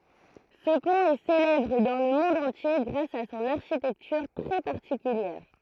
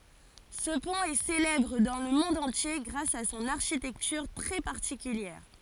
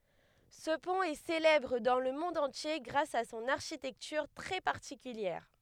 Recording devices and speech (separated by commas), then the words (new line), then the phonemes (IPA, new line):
throat microphone, forehead accelerometer, headset microphone, read sentence
Ce pont est célèbre dans le monde entier grâce à son architecture très particulière.
sə pɔ̃t ɛ selɛbʁ dɑ̃ lə mɔ̃d ɑ̃tje ɡʁas a sɔ̃n aʁʃitɛktyʁ tʁɛ paʁtikyljɛʁ